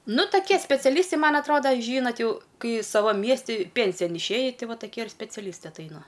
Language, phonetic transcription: Lithuanian, ˈnu toˈkie speciaˈlystai ˈman atˈroda ˈžynat ˈjau ˈkai ˈsavam ˈmiesti ˈpensijan išˈėji ˈti ˈva ˈtakie ir speciaˈlystai atˈaina

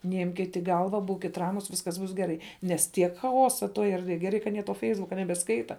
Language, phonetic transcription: Lithuanian, neˈimkit i ˈgalva ˈbūkit ˈramus ˈviskas ˈbus geˈrai nes ˈtiek chaˈosa ˈtoj erdˈvėj geˈrai ka aˈnie to ˈfeisbuka nebeˈskaita

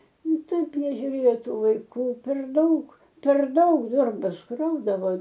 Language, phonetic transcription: Lithuanian, ˈnu ˈtaip nežiuˈrėjo ˈtų vaiˈkų per ˈdaug per ˈdaug ˈdorbas ˈkraudavo

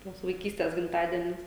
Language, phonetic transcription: Lithuanian, ˈtuos vaiˈkystės gimˈtadienius

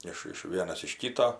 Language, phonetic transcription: Lithuanian, ˈiš iš ˈvienas iš ˈkyto

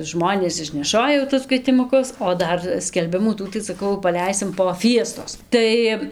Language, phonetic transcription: Lithuanian, ˈžmonės išneˈšoja jau tus kvietimuˈkus o ˈdar skelˈbimų ˈtų saˈkau paˈleisim po ˈfiestos ˈtai

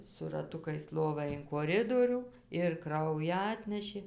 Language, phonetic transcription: Lithuanian, su raˈtukais ˈlovą in koˈridorių ir ˈkraują ˈatnešė

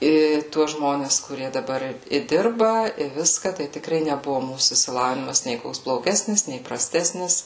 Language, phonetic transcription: Lithuanian, ˈį ˈtuos ˈžmones kuˈrie daˈbar i ˈdirba i ˈviska tai tikˈrai neˈbuvu ˈmūsų išsiˈlavinimas nė ˈkoks bloˈgesnis nė praˈstesnis

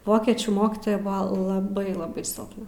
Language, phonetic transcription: Lithuanian, ˈvokiečių ˈmokitoja ˈbuva laˈbai laˈbai silpˈna

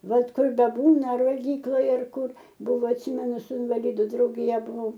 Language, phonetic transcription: Lithuanian, ˈbet ˈkur beˈbūna ar valˈgyklaj ar ˈkur ˈbuvo atˈsymenu su invaˈlidu draugiˈja buˈvau

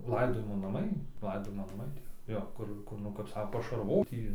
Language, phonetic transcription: Lithuanian, ˈlaidojimo naˈmai ˈlaidojimo naˈmai ˈtie ˈjo ˈkur ˈkur nu kap ˈsako pašarˈvot ˈjį

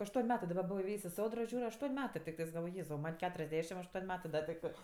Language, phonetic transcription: Lithuanian, ašˈtuon' ˈmetɜ daˈba ˈbuvo iˈvėjs' i ˈsodro ˈžiūr' ašˈtuon' ˈmetɜ tikˈtɜs galˈvoj ˈjėzau ˈman' ˈketuriasˌdešim ašˈtuon' ˈmetɜ ˈda tikˈtɜ

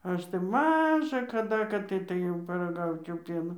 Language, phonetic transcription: Lithuanian, ˈaš tai ˈmaža kaˈda kad ˈtai tai ˈjau paraˈgaučiau ˈpieno

